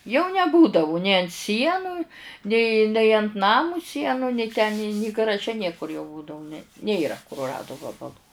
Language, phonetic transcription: Lithuanian, jau neˈbūdavu nė ant ˈsienu nė nei ant ˈnamu ˈsienu nei ten ni ni garaˈže ˈniekur jau ˈbūdavu ne ˈnėra kuruˈradu ˈvabalu

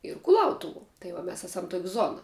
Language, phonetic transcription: Lithuanian, ir kuˈlautuvuo tai ˈva ˈmes ˈesam tok' ˈzona

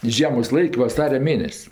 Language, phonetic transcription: Lithuanian, i ˈžiemos ˈlaik' vaˈsaria ˈmėnes'

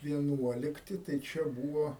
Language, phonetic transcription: Lithuanian, vieˈnuolikti tai ˈčia ˈbūvo

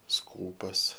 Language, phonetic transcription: Lithuanian, ˈskūpas

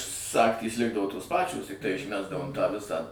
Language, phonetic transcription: Lithuanian, ˈsagtys ˈlikdavo tos ˈpačios tikˈtai išˈmesdavom tą ˈvisą

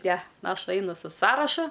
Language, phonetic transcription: Lithuanian, ne ˈaš ˈainu su ˈsąrašu

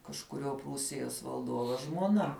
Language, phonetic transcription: Lithuanian, kažkuˈriuo ˈprūsijos valˈduovo žmuoˈna

